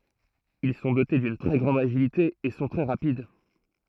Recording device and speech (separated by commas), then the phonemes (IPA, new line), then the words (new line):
throat microphone, read sentence
il sɔ̃ dote dyn tʁɛ ɡʁɑ̃d aʒilite e sɔ̃ tʁɛ ʁapid
Ils sont dotés d'une très grande agilité et sont très rapides.